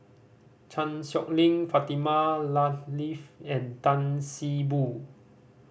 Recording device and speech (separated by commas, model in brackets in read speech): boundary microphone (BM630), read sentence